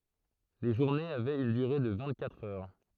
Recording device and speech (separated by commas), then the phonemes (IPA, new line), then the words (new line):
throat microphone, read sentence
le ʒuʁnez avɛt yn dyʁe də vɛ̃t katʁ œʁ
Les journées avaient une durée de vingt-quatre heures.